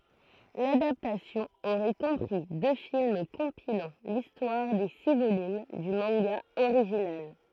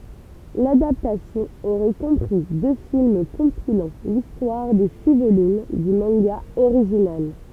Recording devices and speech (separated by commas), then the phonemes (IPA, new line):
throat microphone, temple vibration pickup, read sentence
ladaptasjɔ̃ oʁɛ kɔ̃pʁi dø film kɔ̃pilɑ̃ listwaʁ de si volym dy mɑ̃ɡa oʁiʒinal